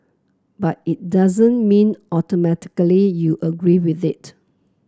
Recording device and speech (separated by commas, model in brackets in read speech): close-talking microphone (WH30), read sentence